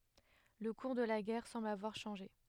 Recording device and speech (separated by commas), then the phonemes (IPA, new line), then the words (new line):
headset microphone, read sentence
lə kuʁ də la ɡɛʁ sɑ̃bl avwaʁ ʃɑ̃ʒe
Le cours de la guerre semble avoir changé.